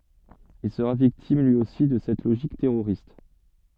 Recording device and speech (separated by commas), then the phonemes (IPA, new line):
soft in-ear microphone, read sentence
il səʁa viktim lyi osi də sɛt loʒik tɛʁoʁist